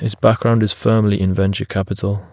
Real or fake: real